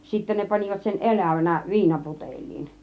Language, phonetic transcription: Finnish, 'sittä ne 'pan͕ivat sen "elä̀vänä 'viinaputeĺ̆liin .
- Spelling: sitten ne panivat sen elävänä viinaputeliin

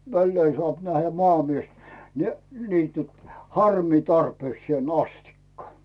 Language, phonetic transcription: Finnish, 'välleen sᵒàp nähhä 'mᵒàmies , ni , niityt , "harmii 'tarpeeksⁱèn 'astikka .
- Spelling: väleen saa nähdä maamies niin niityt harmia tarpeekseen asti

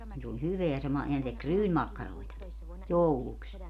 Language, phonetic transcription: Finnish, ni s ‿oĺ 'hyveä se 'ma - ja ne tek "ryynmakkaroi̮taki , "jouluks .
- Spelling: niin se oli hyvää se - ja ne teki ryynimakkaroitakin jouluksi

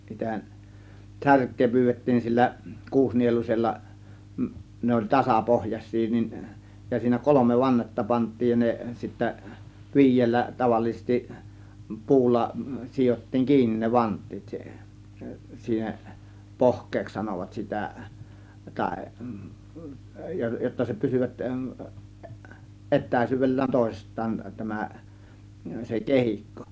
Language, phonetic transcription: Finnish, sitä 'särk̆kee 'pyyvet̀tiin siellä , 'kuusnielus͕ella , ne oĺ "tasapohjas̆sii niin , ja siinä "kolomev 'vannetta pant̆tiij ja ne sittä , "vi̬ij̆jellä taváliisestiˀ , "puulla , 'sijottiiŋ "kiinnin ne "vant̆tiit siihEN , siiheˀ , "pohk̆keeks sanovat 'sitä , 'tàė , jotta se 'pysyvät , 'ˀet̆tä̀ĭs̀yyv̆vel̀lään 'tòėsist̆taan tämä , se 'kehikko .
- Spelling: sitä särkeä pyydettiin siellä kuusinieluisella ne oli tasapohjaisia niin ja siinä kolme vannetta pantiin ja ne sitten viidellä tavallisesti puulla sidottiin kiinni ne vanteet siihen siihen pohkeeksi sanovat sitä tai jotta se pysyvät etäisyydellään toisistaan tämä se kehikko

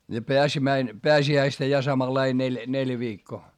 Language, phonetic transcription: Finnish, ja peäsimäin- , peäsi₍äistä ja samalai neĺ , neljä viikkoo .
- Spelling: ja - pääsiäistä ja samanlainen neljä neljä viikkoa

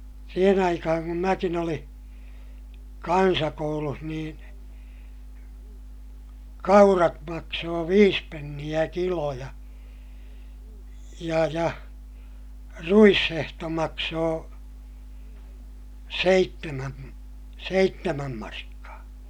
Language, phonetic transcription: Finnish, siihen ‿aikahaŋ kum mäkin ‿oliḭ , kansakouluh niin , kaurat maksoo viis penniʲä kilo ja , ja ja , ruishehto maksoo , seittemäm , seittemäm markkaa .
- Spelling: siihen aikaan kun minäkin olin kansakoulussa niin kaurat maksoi viisi penniä kilo ja ja ja ruishehto maksoi seitsemän seitsemän markkaa

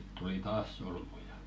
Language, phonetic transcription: Finnish, ɴʏt tuli "taas 'solmuja .
- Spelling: nyt tuli taas solmuja

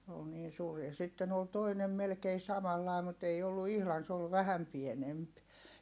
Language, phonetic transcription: Finnish, s ‿ool niin suur ja sitten ‿ol toinem melkei samallài̮ mut ei ollu ihlan s ‿ol vähäm pienemp .
- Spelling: se oli niin suuri ja sitten oli toinen melkein samanlainen mutta ei ollut ihan se oli vähän pienempi

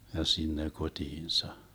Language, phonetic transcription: Finnish, ja 'sinne 'kot́iinsa .
- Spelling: ja sinne kotiinsa

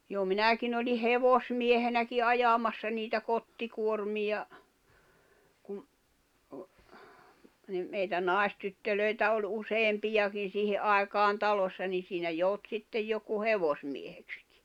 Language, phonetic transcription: Finnish, jo 'minäkin ‿olih̆ "hevosmiehenäki "ajamassa niitä 'kottikuormija , kum , ni , meitä 'nàistyttölöitä oĺ 'useem'pijakin̬ 'siihe , '’àikaan 'talossa ni siinä 'jout sittej 'joku "hevosmiehekskɪ .
- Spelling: jo minäkin olin hevosmiehenäkin ajamassa niitä kottikuormia kun niin meitä naistyttöjä oli useampiakin siihen aikaan talossa niin siinä joutui sitten joku hevosmieheksikin

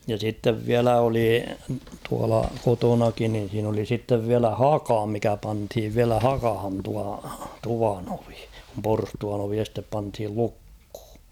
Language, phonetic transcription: Finnish, ja sittev "viälä oli tuala 'kotonakin nin̬ siin ‿oli sittev 'viälä "haka mikä panthiv 'viälä "hakahan tua , 'tuvan ‿ovi , kum 'porstuan ‿ovi 'estep panthil 'lukh̭ᴜ .
- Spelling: ja sitten vielä oli tuolla kotonakin niin siinä oli sitten vielä haka mikä pantiin vielä hakaan tuo tuvan ovi kun porstuan ovi este pantiin lukkoon

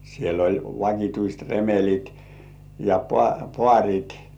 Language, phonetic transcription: Finnish, siel ‿oĺ 'vakituist "remel̜it , ja 'poà"pŏàŕit .
- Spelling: siellä oli vakituiset remelit ja paarit

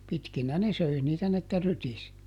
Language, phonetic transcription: Finnish, ˈpitkinä ne ˈsöi niitä n ‿että ˈrytis .
- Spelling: pitkinä ne söi niitä niin että rytisi

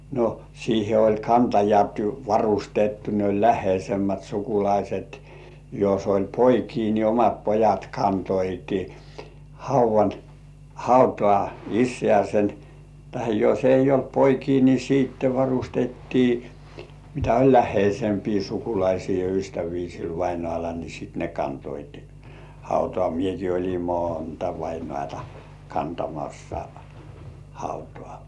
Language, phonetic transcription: Finnish, no , 'siihe oĺ "kantajat 'varustettu ne oĺ "lähheisemmät 'sukulaiset , jos oĺ "poikii ni omat 'pojat kantoitɪ , "hauv̆van , "hautŏà 'issĕä̀sen , tahe jos eij̆j ‿olt "poikii ni 'siitte 'varustettii , mitä oĺ "lähheisempii 'sukulaisii ja 'ystävii sil vainŏàla ni sit ne kantoit , 'hautŏà mieki oĺim "moonta 'vainŏàtᴀ kantamassa , hautᴏ̆ᴀ̀ .
- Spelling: no siihen oli kantajat varustettu ne oli läheisemmät sukulaiset jos oli poikia niin omat pojat kantoivat haudan hautaan isäänsä tai jos ei ollut poikia niin sitten varustettiin mitä oli läheisempiä sukulaisia ja ystäviä sillä vainajalla niin sitten ne kantoivat hautaan minäkin olin monta vainajaa kantamassa hautaan

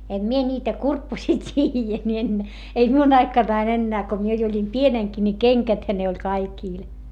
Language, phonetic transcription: Finnish, em mie ńiitä kurpposii t́iijä mie en , ei miun ‿aikanain ennää ko mie jo oĺim pieneŋki ni keŋkäthä ne oĺ kaikìl .
- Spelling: en minä niitä kurpposia tiedä minä en ei minun aikanani enää kun minä jo olin pienenkin niin kengäthän ne oli kaikilla

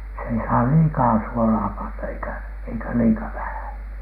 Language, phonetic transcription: Finnish, se ei saa "liikaa 'suolaa panna eikä , eikä "liika 'vähäN .
- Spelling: se ei saa liikaa suolaa panna eikä eikä liian vähän

